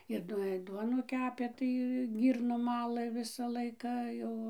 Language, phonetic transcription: Lithuanian, ir ˈduo ir ˈduonų ˈkepė ˈtai ˈgyrnom ˈmalɘ ˈvisa ˈlaika ˈjau

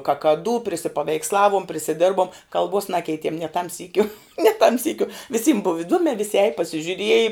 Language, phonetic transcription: Lithuanian, kakaˈdū prisipaveiksˈlavuom prisiˈdirbuom kalˈbuos ˈnakeitiem nie tam ˈsykiu nie tam ˈsykiu viˈsym buv iˈduomē visi ēj pasižiuˈrieji

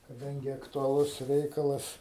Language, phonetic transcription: Lithuanian, kaˈdangi aktuaˈlus ˈreikalas

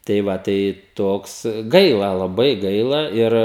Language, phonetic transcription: Lithuanian, tai ˈva tai ˈtoks ˈgaila laˈbai ˈgaila ˈir

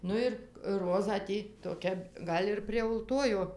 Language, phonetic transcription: Lithuanian, ˈnu ir ˈrozą ˈtį toˈkia ˈgal' ir prie ulˈtojo

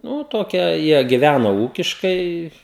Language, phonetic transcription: Lithuanian, nū ˈtokia ˈjie giˈvæno ˈūkiškai

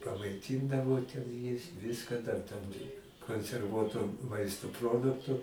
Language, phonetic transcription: Lithuanian, pamaiˈtyndavo ten ˈjis ˈviska dar tam i konserˈvuoto ˈmaisto ˈproduktu

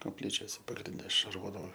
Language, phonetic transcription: Lithuanian, kopˈlyčiose pagrinˈde šarˈvodavo

